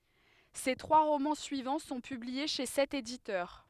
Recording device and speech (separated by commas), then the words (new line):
headset microphone, read sentence
Ses trois romans suivants sont publiés chez cet éditeur.